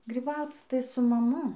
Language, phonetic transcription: Lithuanian, gryˈbauc tai su maˈmu

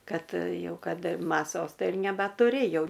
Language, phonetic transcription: Lithuanian, ˈkad ˈjau ˈkad maˈsos ˈtai ir nebatuˈrėjau

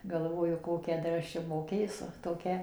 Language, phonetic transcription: Lithuanian, galˈvoju ˈkokią ˈdar ˈaš čia moˈkėsu toˈkia

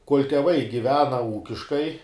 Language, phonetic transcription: Lithuanian, kol' teˈvai giˈvena ˈūkiškai

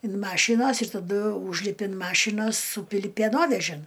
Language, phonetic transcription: Lithuanian, in ˈmašynos ir taˈdu ˈūžlipi in ˈmašynos ˈsūpili pėˈnovežin

